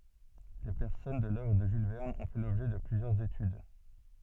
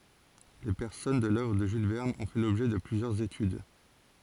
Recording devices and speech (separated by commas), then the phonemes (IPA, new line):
soft in-ear microphone, forehead accelerometer, read sentence
le pɛʁsɔnaʒ də lœvʁ də ʒyl vɛʁn ɔ̃ fɛ lɔbʒɛ də plyzjœʁz etyd